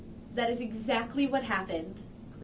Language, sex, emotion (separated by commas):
English, female, angry